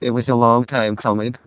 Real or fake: fake